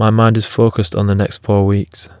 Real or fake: real